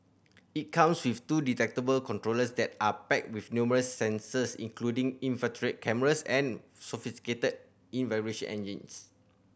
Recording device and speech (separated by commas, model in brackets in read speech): boundary microphone (BM630), read sentence